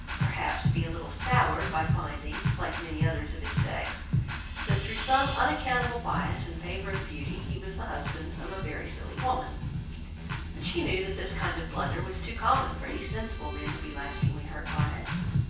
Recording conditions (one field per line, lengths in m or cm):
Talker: one person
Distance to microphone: 9.8 m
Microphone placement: far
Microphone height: 1.8 m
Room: large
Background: music